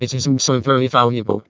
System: VC, vocoder